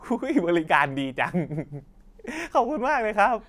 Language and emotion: Thai, happy